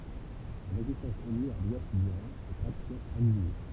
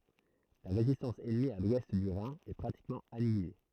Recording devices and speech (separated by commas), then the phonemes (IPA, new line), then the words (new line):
temple vibration pickup, throat microphone, read sentence
la ʁezistɑ̃s ɛnmi a lwɛst dy ʁɛ̃ ɛ pʁatikmɑ̃ anjile
La résistance ennemie à l'ouest du Rhin est pratiquement annihilée.